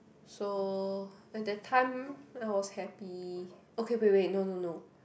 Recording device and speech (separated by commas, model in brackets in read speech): boundary microphone, conversation in the same room